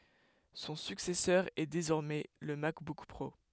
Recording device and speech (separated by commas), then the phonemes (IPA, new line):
headset microphone, read sentence
sɔ̃ syksɛsœʁ ɛ dezɔʁmɛ lə makbuk pʁo